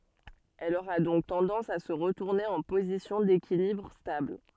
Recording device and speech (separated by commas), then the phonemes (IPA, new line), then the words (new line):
soft in-ear microphone, read sentence
ɛl oʁa dɔ̃k tɑ̃dɑ̃s a sə ʁətuʁne ɑ̃ pozisjɔ̃ dekilibʁ stabl
Elle aura donc tendance à se retourner en position d’équilibre stable.